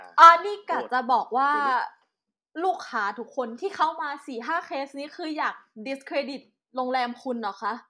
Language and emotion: Thai, angry